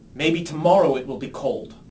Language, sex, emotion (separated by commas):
English, male, angry